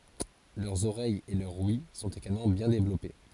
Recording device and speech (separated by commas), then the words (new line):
forehead accelerometer, read sentence
Leurs oreilles et leur ouïe sont également bien développées.